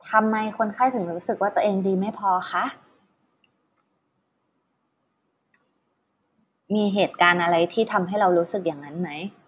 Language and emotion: Thai, neutral